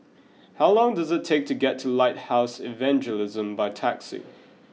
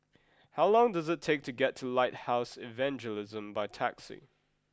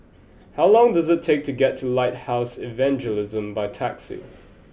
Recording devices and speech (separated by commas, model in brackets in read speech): mobile phone (iPhone 6), close-talking microphone (WH20), boundary microphone (BM630), read sentence